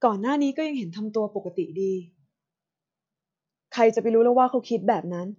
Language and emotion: Thai, frustrated